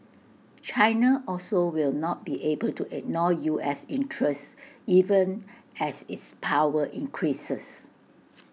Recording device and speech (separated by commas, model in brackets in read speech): mobile phone (iPhone 6), read sentence